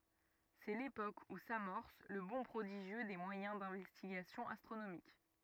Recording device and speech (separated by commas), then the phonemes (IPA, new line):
rigid in-ear microphone, read sentence
sɛ lepok u samɔʁs lə bɔ̃ pʁodiʒjø de mwajɛ̃ dɛ̃vɛstiɡasjɔ̃ astʁonomik